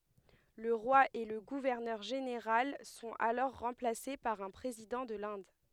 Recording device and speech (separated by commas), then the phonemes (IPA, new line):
headset microphone, read sentence
lə ʁwa e lə ɡuvɛʁnœʁ ʒeneʁal sɔ̃t alɔʁ ʁɑ̃plase paʁ œ̃ pʁezidɑ̃ də lɛ̃d